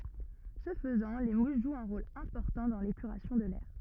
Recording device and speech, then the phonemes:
rigid in-ear microphone, read sentence
sə fəzɑ̃ le mus ʒwt œ̃ ʁol ɛ̃pɔʁtɑ̃ dɑ̃ lepyʁasjɔ̃ də lɛʁ

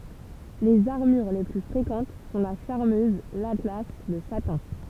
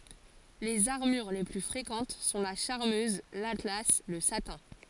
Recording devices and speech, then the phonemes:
temple vibration pickup, forehead accelerometer, read sentence
lez aʁmyʁ le ply fʁekɑ̃t sɔ̃ la ʃaʁmøz latla lə satɛ̃

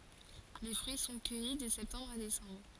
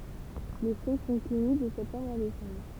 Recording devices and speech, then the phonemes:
forehead accelerometer, temple vibration pickup, read sentence
le fʁyi sɔ̃ kœji də sɛptɑ̃bʁ a desɑ̃bʁ

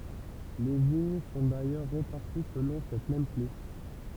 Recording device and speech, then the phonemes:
temple vibration pickup, read sentence
le viɲ sɔ̃ dajœʁ ʁepaʁti səlɔ̃ sɛt mɛm kle

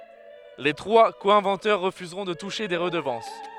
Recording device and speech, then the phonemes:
headset microphone, read sentence
le tʁwa ko ɛ̃vɑ̃tœʁ ʁəfyzʁɔ̃ də tuʃe de ʁədəvɑ̃s

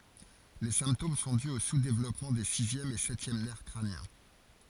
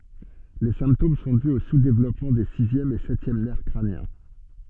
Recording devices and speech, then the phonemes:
forehead accelerometer, soft in-ear microphone, read sentence
le sɛ̃ptom sɔ̃ dy o suzdevlɔpmɑ̃ de sizjɛm e sɛtjɛm nɛʁ kʁanjɛ̃

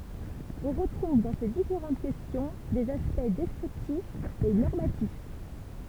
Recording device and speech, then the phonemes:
temple vibration pickup, read sentence
ɔ̃ ʁətʁuv dɑ̃ se difeʁɑ̃t kɛstjɔ̃ dez aspɛkt dɛskʁiptifz e nɔʁmatif

